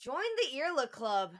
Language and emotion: English, disgusted